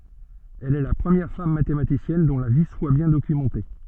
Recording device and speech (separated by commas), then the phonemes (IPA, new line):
soft in-ear microphone, read sentence
ɛl ɛ la pʁəmjɛʁ fam matematisjɛn dɔ̃ la vi swa bjɛ̃ dokymɑ̃te